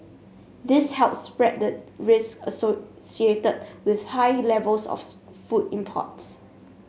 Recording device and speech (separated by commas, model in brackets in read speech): mobile phone (Samsung S8), read sentence